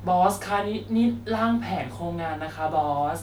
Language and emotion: Thai, neutral